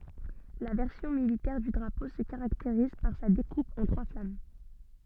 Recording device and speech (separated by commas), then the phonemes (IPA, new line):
soft in-ear microphone, read sentence
la vɛʁsjɔ̃ militɛʁ dy dʁapo sə kaʁakteʁiz paʁ sa dekup ɑ̃ tʁwa flam